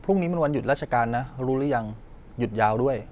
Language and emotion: Thai, neutral